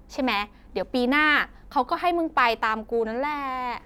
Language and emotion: Thai, happy